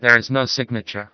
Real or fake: fake